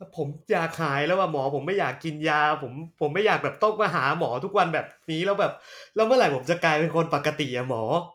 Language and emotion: Thai, frustrated